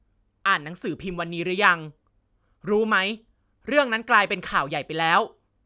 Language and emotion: Thai, angry